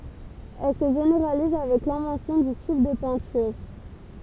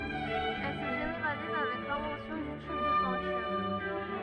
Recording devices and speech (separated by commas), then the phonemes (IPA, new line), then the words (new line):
temple vibration pickup, rigid in-ear microphone, read sentence
ɛl sə ʒeneʁaliz avɛk lɛ̃vɑ̃sjɔ̃ dy tyb də pɛ̃tyʁ
Elle se généralise avec l'invention du tube de peinture.